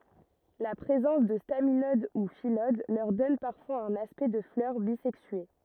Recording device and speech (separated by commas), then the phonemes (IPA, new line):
rigid in-ear microphone, read sentence
la pʁezɑ̃s də staminod u filod lœʁ dɔn paʁfwaz œ̃n aspɛkt də flœʁ bizɛksye